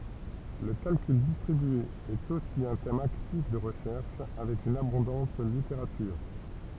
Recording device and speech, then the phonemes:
temple vibration pickup, read sentence
lə kalkyl distʁibye ɛt osi œ̃ tɛm aktif də ʁəʃɛʁʃ avɛk yn abɔ̃dɑ̃t liteʁatyʁ

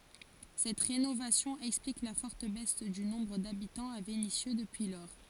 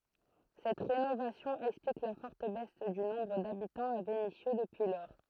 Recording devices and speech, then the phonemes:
forehead accelerometer, throat microphone, read sentence
sɛt ʁenovasjɔ̃ ɛksplik la fɔʁt bɛs dy nɔ̃bʁ dabitɑ̃z a venisjø dəpyi lɔʁ

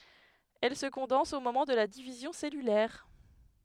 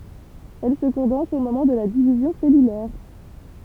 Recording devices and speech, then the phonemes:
headset microphone, temple vibration pickup, read sentence
ɛl sə kɔ̃dɑ̃s o momɑ̃ də la divizjɔ̃ sɛlylɛʁ

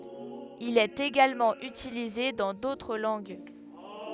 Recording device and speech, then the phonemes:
headset microphone, read sentence
il ɛt eɡalmɑ̃ ytilize dɑ̃ dotʁ lɑ̃ɡ

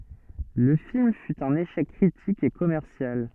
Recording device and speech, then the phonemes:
soft in-ear microphone, read sentence
lə film fy œ̃n eʃɛk kʁitik e kɔmɛʁsjal

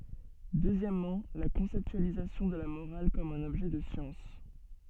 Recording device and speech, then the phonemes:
soft in-ear microphone, read sentence
døzjɛmmɑ̃ la kɔ̃sɛptyalizasjɔ̃ də la moʁal kɔm œ̃n ɔbʒɛ də sjɑ̃s

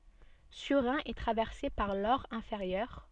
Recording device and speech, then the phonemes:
soft in-ear microphone, read sentence
syʁʁɛ̃ ɛ tʁavɛʁse paʁ lɔʁ ɛ̃feʁjœʁ

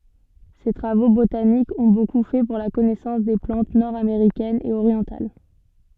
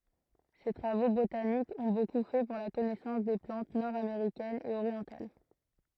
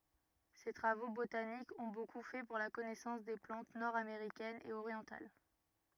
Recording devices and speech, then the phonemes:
soft in-ear microphone, throat microphone, rigid in-ear microphone, read sentence
se tʁavo botanikz ɔ̃ boku fɛ puʁ la kɔnɛsɑ̃s de plɑ̃t nɔʁdameʁikɛnz e oʁjɑ̃tal

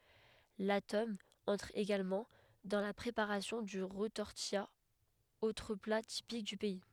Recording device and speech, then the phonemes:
headset microphone, read sentence
la tɔm ɑ̃tʁ eɡalmɑ̃ dɑ̃ la pʁepaʁasjɔ̃ dy ʁətɔʁtija otʁ pla tipik dy pɛi

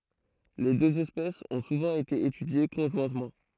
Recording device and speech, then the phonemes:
throat microphone, read sentence
le døz ɛspɛsz ɔ̃ suvɑ̃ ete etydje kɔ̃ʒwɛ̃tmɑ̃

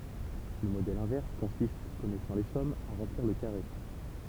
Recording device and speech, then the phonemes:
temple vibration pickup, read sentence
lə modɛl ɛ̃vɛʁs kɔ̃sist kɔnɛsɑ̃ le sɔmz a ʁɑ̃pliʁ lə kaʁe

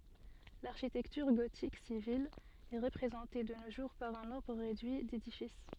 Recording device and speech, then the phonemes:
soft in-ear microphone, read sentence
laʁʃitɛktyʁ ɡotik sivil ɛ ʁəpʁezɑ̃te də no ʒuʁ paʁ œ̃ nɔ̃bʁ ʁedyi dedifis

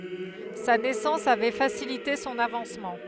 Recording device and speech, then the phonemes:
headset microphone, read sentence
sa nɛsɑ̃s avɛ fasilite sɔ̃n avɑ̃smɑ̃

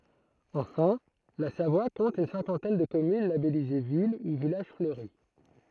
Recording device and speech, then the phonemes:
throat microphone, read sentence
ɑ̃fɛ̃ la savwa kɔ̃t yn sɛ̃kɑ̃tɛn də kɔmyn labɛlize vil u vilaʒ fløʁi

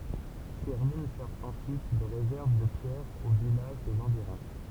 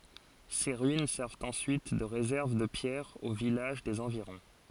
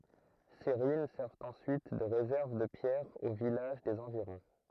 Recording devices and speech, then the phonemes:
temple vibration pickup, forehead accelerometer, throat microphone, read sentence
se ʁyin sɛʁvt ɑ̃syit də ʁezɛʁv də pjɛʁz o vilaʒ dez ɑ̃viʁɔ̃

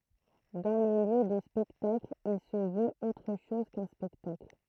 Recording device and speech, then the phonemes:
throat microphone, read sentence
dɑ̃ lə ljø də spɛktakl il sə vøt otʁ ʃɔz kœ̃ spɛktakl

